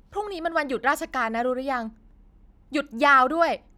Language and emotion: Thai, angry